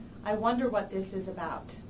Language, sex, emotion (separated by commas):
English, female, neutral